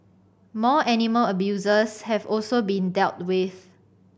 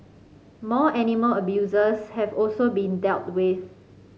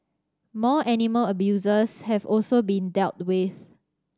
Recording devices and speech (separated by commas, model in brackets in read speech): boundary microphone (BM630), mobile phone (Samsung C5010), standing microphone (AKG C214), read sentence